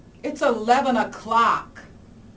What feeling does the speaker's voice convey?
angry